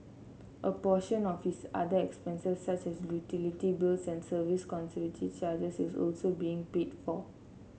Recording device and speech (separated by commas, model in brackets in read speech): mobile phone (Samsung C7), read sentence